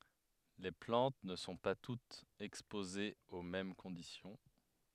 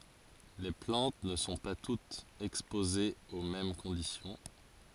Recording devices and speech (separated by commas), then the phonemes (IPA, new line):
headset microphone, forehead accelerometer, read sentence
le plɑ̃t nə sɔ̃ pa tutz ɛkspozez o mɛm kɔ̃disjɔ̃